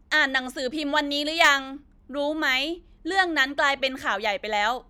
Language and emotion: Thai, frustrated